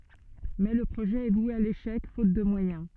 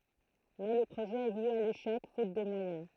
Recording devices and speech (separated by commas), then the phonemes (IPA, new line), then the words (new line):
soft in-ear microphone, throat microphone, read sentence
mɛ lə pʁoʒɛ ɛ vwe a leʃɛk fot də mwajɛ̃
Mais le projet est voué à l'échec, faute de moyens.